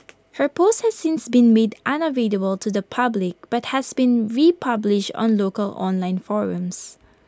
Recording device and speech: close-talking microphone (WH20), read sentence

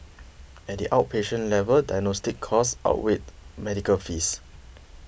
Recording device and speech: boundary microphone (BM630), read sentence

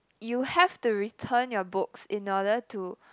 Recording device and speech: close-talking microphone, conversation in the same room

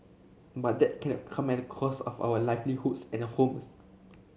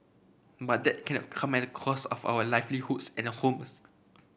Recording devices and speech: mobile phone (Samsung C7), boundary microphone (BM630), read sentence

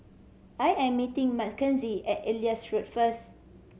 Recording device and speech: mobile phone (Samsung C7100), read sentence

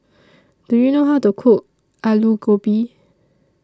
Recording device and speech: standing microphone (AKG C214), read sentence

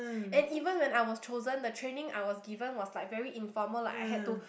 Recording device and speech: boundary microphone, conversation in the same room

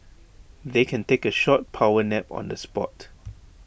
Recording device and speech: boundary microphone (BM630), read sentence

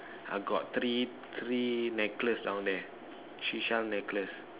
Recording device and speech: telephone, conversation in separate rooms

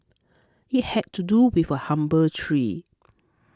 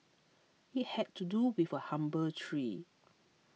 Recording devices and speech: close-talking microphone (WH20), mobile phone (iPhone 6), read sentence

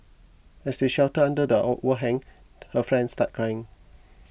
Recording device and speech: boundary microphone (BM630), read sentence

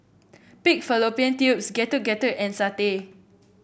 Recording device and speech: boundary microphone (BM630), read sentence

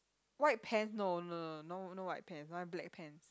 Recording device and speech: close-talking microphone, conversation in the same room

